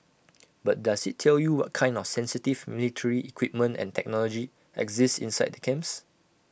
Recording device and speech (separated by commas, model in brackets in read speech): boundary microphone (BM630), read sentence